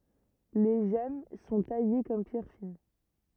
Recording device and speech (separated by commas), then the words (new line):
rigid in-ear microphone, read sentence
Les gemmes sont taillées comme pierres fines.